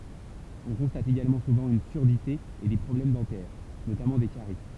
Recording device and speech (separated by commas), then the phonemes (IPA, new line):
temple vibration pickup, read sentence
ɔ̃ kɔ̃stat eɡalmɑ̃ suvɑ̃ yn syʁdite e de pʁɔblɛm dɑ̃tɛʁ notamɑ̃ de kaʁi